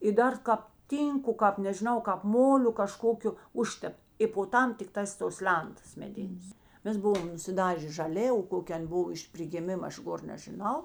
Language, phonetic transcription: Lithuanian, i ˈdar ˈkāp ˈtynku ˈkāp nežiˈnau kāp ˈmoliu kaˈžkokiu ˈužtept i po ˈtam tikˈtās tos ˈlentas meˈdinės ˈmes ˈbuvom nusiˈdažė žaˈlė o koˈkė ˈan' ˈbuv iš prigiˈmima ˈaš ˈgor nežiˈnau

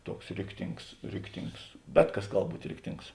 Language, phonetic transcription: Lithuanian, ˈtuoks ˈriktings ˈriktings ˈbet ˌkas ˈgal ˈbūt' ˈriktings

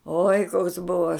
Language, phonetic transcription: Lithuanian, oi koks ˈbuvo

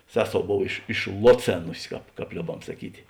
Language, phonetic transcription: Lithuanian, ˈseˌsou ˈbov iš išˈloˌcėnusi ˈkāp ˈkāp ˈliobam saˈkyti

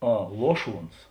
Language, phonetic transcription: Lithuanian, ˈa ˈluoˌšuons

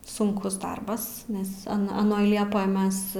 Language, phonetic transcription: Lithuanian, sunˈkus ˈdarbas nes a aˈnoj ˈliepoj ˈmes

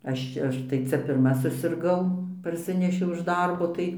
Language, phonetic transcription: Lithuanian, ˈaš čia ˈaš tai ˈcia pirˈma susirˈgau parˈsinešiau iš ˈdarbo ˈtai

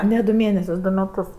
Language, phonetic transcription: Lithuanian, ne du ˈmėnesius ˈdu meˈtus

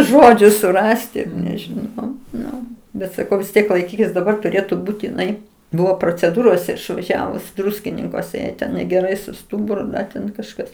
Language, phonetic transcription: Lithuanian, ˈžodžiu suˈrasti nežiˈnau ˈnu ˈbet saˈkau vis ˈtiek laiˈkykis daˈbar tuˈrėtu ˈbūt iˈnai ˈbuvo proceˈdūrose išvaˈžiavus ˈdruskininkuose ˈjai ten negeˈrai su ˈstuburu ˈten kažˈkas

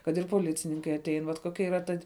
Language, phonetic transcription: Lithuanian, kad ir poˈlicininkai aˈtein vat koˈkia yˈra ˈta

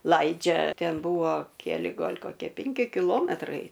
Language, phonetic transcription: Lithuanian, ˈlaidžia ˈten ˈbuvo keˈli ˈgal' koˈkie ˈpenki kiˈlometrai

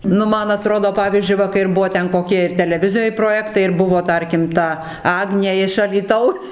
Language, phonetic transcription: Lithuanian, ˈnu ˈman aˈtrodo ˈpavyzdžiui ˈva kai ir ˈbuo koˈkie ir teleˈvizijoj proˈjektai ir ˈbuvo ˈtarkim ˈta ˈagnė iš alyˈtaus

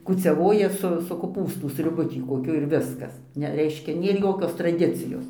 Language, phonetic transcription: Lithuanian, kūciaˈvoja su su koˈpūstu sriuˈbu ˈtį koˈkiu ir ˈviskas ˈne ˈreiškia ˈnėr ˈjokios traˈdicijos

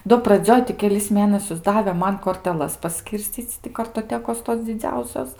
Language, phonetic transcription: Lithuanian, do praˈdzioj ti keˈlis ˈmėnasius ˈdave ˈman korteˈlas paˈskyrscyc' ti kartoˈtekos tos dziˈdziausios

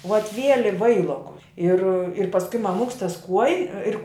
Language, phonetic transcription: Lithuanian, vat ˈvieli ˈvailokus ir ir pasˈkui maˈmuks tas 'kuoji ˈir

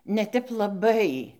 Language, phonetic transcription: Lithuanian, ne ˈtep laˈbai

